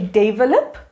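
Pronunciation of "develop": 'develop' is pronounced incorrectly here.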